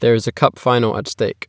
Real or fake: real